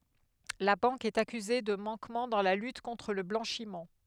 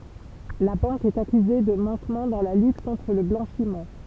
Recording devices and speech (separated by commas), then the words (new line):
headset microphone, temple vibration pickup, read sentence
La banque est accusée de manquement dans la lutte contre le blanchiment.